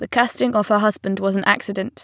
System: none